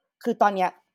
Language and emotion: Thai, frustrated